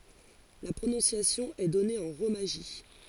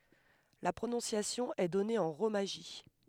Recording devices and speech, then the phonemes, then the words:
forehead accelerometer, headset microphone, read sentence
la pʁonɔ̃sjasjɔ̃ ɛ dɔne ɑ̃ ʁomaʒi
La prononciation est donnée en romaji.

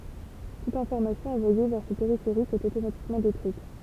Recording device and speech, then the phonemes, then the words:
temple vibration pickup, read sentence
tut ɛ̃fɔʁmasjɔ̃ ɑ̃vwaje vɛʁ sə peʁifeʁik ɛt otomatikmɑ̃ detʁyit
Toute information envoyée vers ce périphérique est automatiquement détruite.

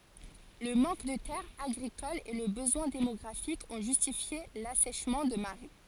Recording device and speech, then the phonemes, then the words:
forehead accelerometer, read sentence
lə mɑ̃k də tɛʁz aɡʁikolz e lə bəzwɛ̃ demɔɡʁafik ɔ̃ ʒystifje lasɛʃmɑ̃ də maʁɛ
Le manque de terres agricoles et le besoin démographique ont justifié l'assèchement de marais.

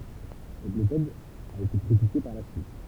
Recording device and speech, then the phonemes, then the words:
temple vibration pickup, read sentence
sɛt metɔd a ete kʁitike paʁ la syit
Cette méthode a été critiquée par la suite.

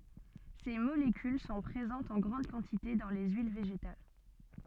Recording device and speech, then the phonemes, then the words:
soft in-ear microphone, read sentence
se molekyl sɔ̃ pʁezɑ̃tz ɑ̃ ɡʁɑ̃d kɑ̃tite dɑ̃ le yil veʒetal
Ces molécules sont présentes en grande quantité dans les huiles végétales.

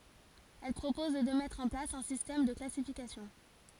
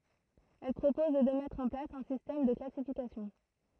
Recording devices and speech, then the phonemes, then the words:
forehead accelerometer, throat microphone, read sentence
ɛl pʁopɔz də mɛtʁ ɑ̃ plas œ̃ sistɛm də klasifikasjɔ̃
Elle propose de mettre en place un système de classification.

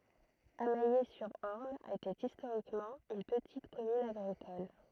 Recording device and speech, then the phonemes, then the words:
throat microphone, read sentence
amɛje syʁ ɔʁn etɛt istoʁikmɑ̃ yn pətit kɔmyn aɡʁikɔl
Amayé-sur-Orne était historiquement une petite commune agricole.

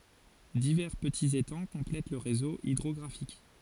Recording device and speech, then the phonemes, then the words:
forehead accelerometer, read sentence
divɛʁ pətiz etɑ̃ kɔ̃plɛt lə ʁezo idʁɔɡʁafik
Divers petits étangs complètent le réseau hydrographique.

